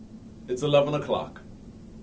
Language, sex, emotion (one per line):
English
male
neutral